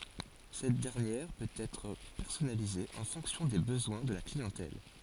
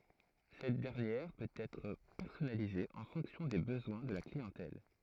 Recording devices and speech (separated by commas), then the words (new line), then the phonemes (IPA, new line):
forehead accelerometer, throat microphone, read sentence
Cette dernière peut être personnalisée en fonction des besoins de la clientèle.
sɛt dɛʁnjɛʁ pøt ɛtʁ pɛʁsɔnalize ɑ̃ fɔ̃ksjɔ̃ de bəzwɛ̃ də la kliɑ̃tɛl